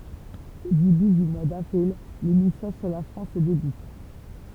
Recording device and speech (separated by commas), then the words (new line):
temple vibration pickup, read sentence
Au début du mois d'avril, les missions sur la France débutent.